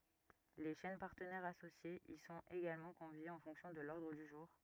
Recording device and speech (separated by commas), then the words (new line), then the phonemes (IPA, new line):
rigid in-ear microphone, read sentence
Les chaînes partenaires associées y sont également conviées en fonction de l'ordre du jour.
le ʃɛn paʁtənɛʁz asosjez i sɔ̃t eɡalmɑ̃ kɔ̃vjez ɑ̃ fɔ̃ksjɔ̃ də lɔʁdʁ dy ʒuʁ